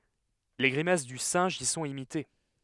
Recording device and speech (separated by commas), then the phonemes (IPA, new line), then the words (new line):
headset microphone, read sentence
le ɡʁimas dy sɛ̃ʒ i sɔ̃t imite
Les grimaces du singe y sont imitées.